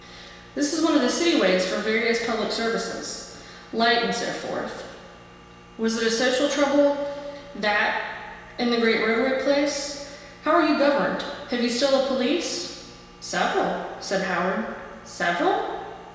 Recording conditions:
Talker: one person; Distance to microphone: 1.7 m; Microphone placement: close; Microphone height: 1.0 m; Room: very reverberant, large; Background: none

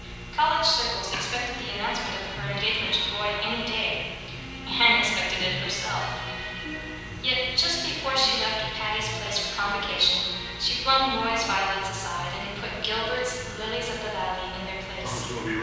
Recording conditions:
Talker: one person; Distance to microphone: 7.1 m; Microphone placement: far; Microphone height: 1.7 m; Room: very reverberant, large; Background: television

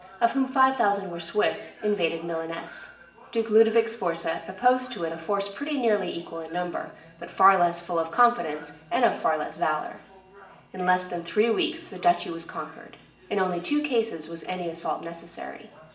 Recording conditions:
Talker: one person; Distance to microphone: 1.8 m; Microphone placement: close; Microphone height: 1.0 m; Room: large; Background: television

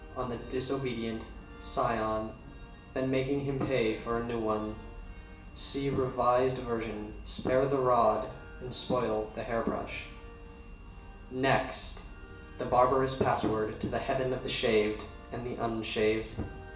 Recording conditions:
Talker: one person; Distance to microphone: 1.8 m; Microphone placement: close; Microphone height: 1.0 m; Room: large; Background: music

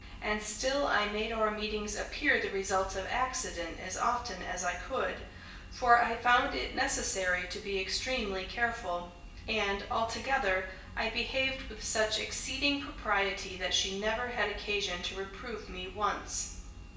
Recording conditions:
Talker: one person; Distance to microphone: 1.8 m; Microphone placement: close; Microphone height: 1.0 m; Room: large; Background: none

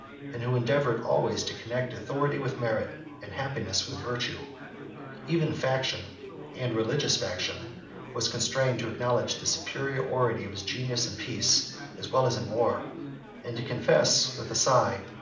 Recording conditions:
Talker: one person; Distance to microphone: 2.0 m; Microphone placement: close; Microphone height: 99 cm; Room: medium-sized (5.7 m by 4.0 m); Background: babble

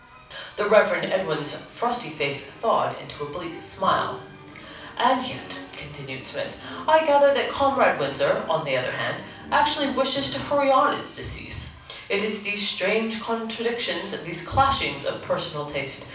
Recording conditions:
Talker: one person; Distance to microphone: 5.8 m; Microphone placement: far; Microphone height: 1.8 m; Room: medium-sized (5.7 m by 4.0 m); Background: music

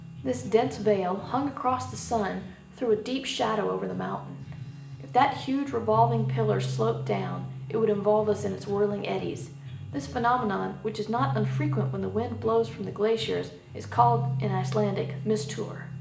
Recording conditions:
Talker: one person; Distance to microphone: 1.8 m; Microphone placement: close; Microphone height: 1.0 m; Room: large; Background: music

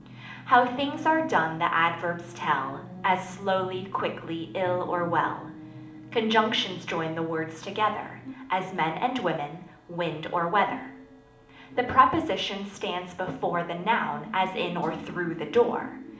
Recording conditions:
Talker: one person; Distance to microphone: 2.0 m; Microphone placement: close; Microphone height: 99 cm; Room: medium-sized (5.7 m by 4.0 m); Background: television

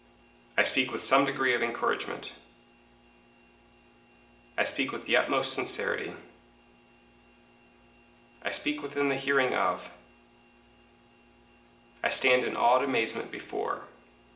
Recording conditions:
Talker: one person; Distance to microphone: 1.8 m; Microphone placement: close; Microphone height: 1.0 m; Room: large; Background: none

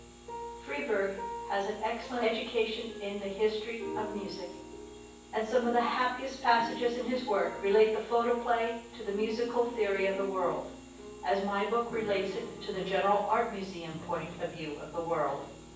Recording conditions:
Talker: one person; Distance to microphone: 9.8 m; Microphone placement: far; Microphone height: 1.8 m; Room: large; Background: music

